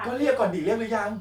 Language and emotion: Thai, frustrated